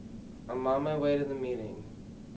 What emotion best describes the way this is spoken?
sad